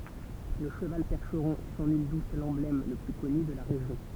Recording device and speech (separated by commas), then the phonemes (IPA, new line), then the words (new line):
temple vibration pickup, read sentence
lə ʃəval pɛʁʃʁɔ̃ ɛ sɑ̃ nyl dut lɑ̃blɛm lə ply kɔny də la ʁeʒjɔ̃
Le cheval percheron est sans nul doute l'emblème le plus connu de la région.